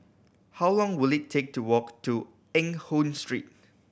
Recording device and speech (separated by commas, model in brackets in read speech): boundary microphone (BM630), read sentence